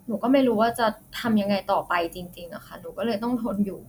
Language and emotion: Thai, frustrated